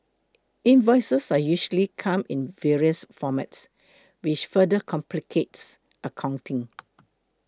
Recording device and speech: close-talking microphone (WH20), read sentence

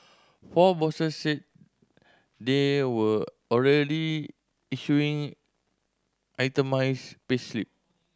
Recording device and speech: standing microphone (AKG C214), read sentence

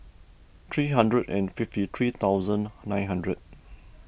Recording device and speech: boundary microphone (BM630), read sentence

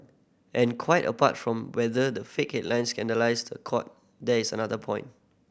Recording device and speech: boundary microphone (BM630), read sentence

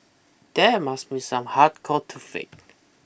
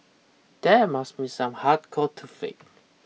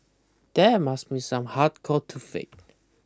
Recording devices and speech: boundary microphone (BM630), mobile phone (iPhone 6), close-talking microphone (WH20), read sentence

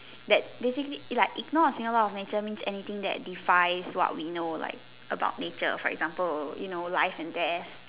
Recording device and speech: telephone, conversation in separate rooms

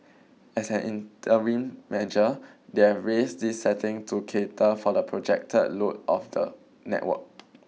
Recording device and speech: mobile phone (iPhone 6), read sentence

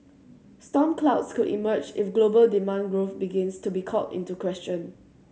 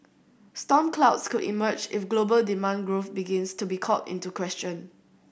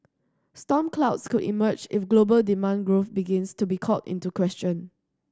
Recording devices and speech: mobile phone (Samsung C7100), boundary microphone (BM630), standing microphone (AKG C214), read sentence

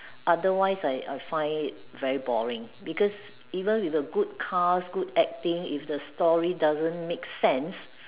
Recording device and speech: telephone, conversation in separate rooms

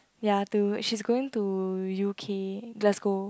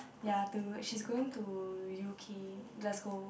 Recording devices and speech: close-talking microphone, boundary microphone, conversation in the same room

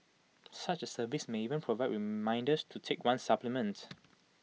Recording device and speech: mobile phone (iPhone 6), read sentence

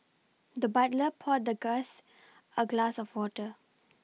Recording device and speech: mobile phone (iPhone 6), read sentence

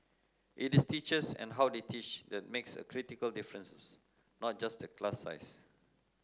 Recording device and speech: close-talking microphone (WH30), read sentence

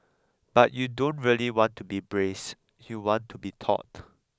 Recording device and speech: close-talking microphone (WH20), read sentence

